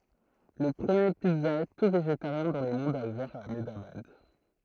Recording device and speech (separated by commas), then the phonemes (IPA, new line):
throat microphone, read sentence
lə pʁəmje pizza y tu veʒetaʁjɛ̃ dɑ̃ lə mɔ̃d a uvɛʁ a amdabad